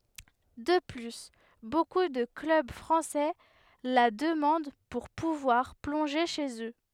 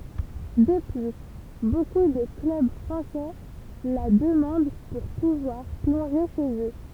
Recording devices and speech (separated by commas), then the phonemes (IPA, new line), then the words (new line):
headset microphone, temple vibration pickup, read sentence
də ply boku də klœb fʁɑ̃sɛ la dəmɑ̃d puʁ puvwaʁ plɔ̃ʒe ʃez ø
De plus, beaucoup de clubs français la demandent pour pouvoir plonger chez eux.